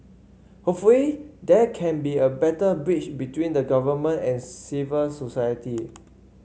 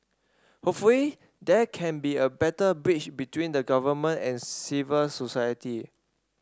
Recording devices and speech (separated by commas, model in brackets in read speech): mobile phone (Samsung C5), standing microphone (AKG C214), read sentence